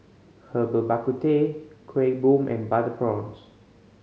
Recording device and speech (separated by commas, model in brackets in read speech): mobile phone (Samsung C5010), read sentence